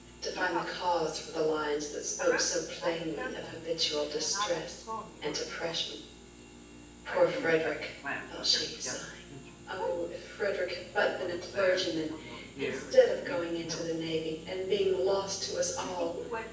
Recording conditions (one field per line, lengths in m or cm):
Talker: one person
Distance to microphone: 9.8 m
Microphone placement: far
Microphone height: 1.8 m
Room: large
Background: television